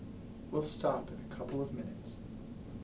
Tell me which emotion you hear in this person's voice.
sad